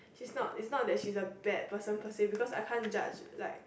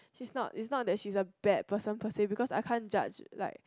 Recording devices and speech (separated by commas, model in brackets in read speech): boundary microphone, close-talking microphone, conversation in the same room